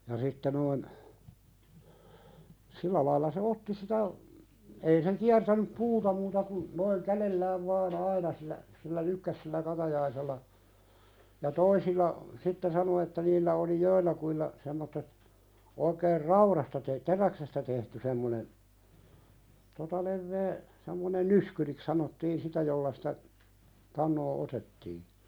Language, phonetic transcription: Finnish, ja sitte noin , 'sillä laila se "otti sitä , ei se 'kiärtänyp "puuta muuta kun , noiŋ "kälellääv vaan "aina sillä , sillä "lykkäs sillä 'katajaisella, , ja "toisilla , sitte 'sano että niillä oli "joillakuilla , semmottet , 'oikeer "rauðasta te- , "teräksestä tehty 'semmone , 'tota levvee , semmonen "nyskyriks sanottiin 'sitä jolla sɪtä , 'tannoo "otettii .
- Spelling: ja sitten noin sillä lailla se otti sitä ei se kiertänyt puuta muuta kuin noin kädellään vain aina sillä sillä lykkäsi sillä katajaisella ja toisilla sitten sanoi että niillä oli joillakin semmoiset oikein raudasta - teräksestä tehty semmoinen tuota leveä semmoinen nyskyriksi sanottiin sitä jolla sitä tanoa otettiin

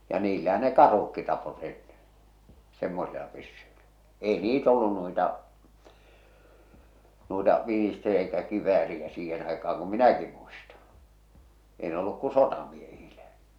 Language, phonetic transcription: Finnish, ja 'niillähä ne "karh̬ukki tapot ennen̬ , 'semmosila pyssyilä , 'èi "niit ‿ollun nuita , nuita 'Vinister- ‿eikä 'kiv̆vääriä 'siihen aika₍aŋ kum "minäki muistᴀ , 'ei ne olluk ku "sotamiehiiʟᴀ̈ .
- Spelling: ja niillähän ne karhutkin tappoivat ennen semmoisilla pyssyillä ei niitä ollut noita noita - eikä kivääriä siihen aikaan kun minäkin muista ei ne ollut kun sotamiehillä

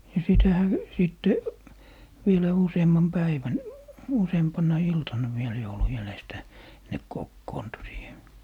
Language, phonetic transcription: Finnish, ja 'sitähä , 'sìtte , vielä 'useemmam "päivän , 'useempaǹa "iltanna viel joulu jälestä , 'ne "kokkoontu siihe .
- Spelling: ja sitähän sitten vielä useamman päivän useampana iltana vielä joulun jäljestä ne kokoontui siihen

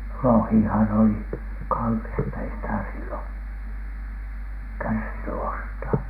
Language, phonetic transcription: Finnish, 'lohìhan oli , "kallista , ei sitä sillon , "kärsiny ostaa .
- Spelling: lohihan oli kallista ei sitä silloin kärsinyt ostaa

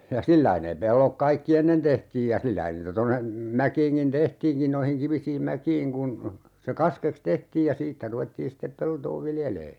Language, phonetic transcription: Finnish, ja "sillai nee 'pellok 'kaikki "ennen 'tehtiij ja 'sillä(hän) niitä 'tonne , 'mäkiiŋkin "tehtiinkin 'noihiŋ 'kivisiim "mäkiiŋ kun , se 'kaskeks "tehtiij ja "siittä 'ruvettiin̬ sittep 'peltoo "viljelee .
- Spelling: ja sillä lailla ne pellot kaikki ennen tehtiin ja sillähän niitä tuonne mäkiinkin tehtiinkin noihin kivisiin mäkiin kun se kaskeksi tehtiin ja siitä ruvettiin sitten peltoa viljelemään

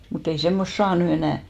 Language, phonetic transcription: Finnish, mut ‿ei 'semmost "saa ny 'enä̀ .
- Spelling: mutta ei semmoista saa nyt enää

